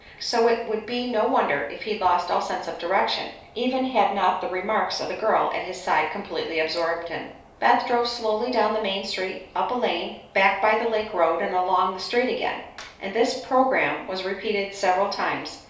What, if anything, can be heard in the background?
Nothing.